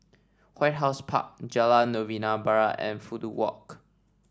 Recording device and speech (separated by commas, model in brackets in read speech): standing microphone (AKG C214), read sentence